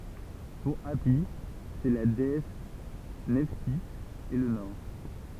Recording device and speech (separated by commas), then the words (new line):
temple vibration pickup, read sentence
Pour Hâpi c'est la déesse Nephtys et le nord.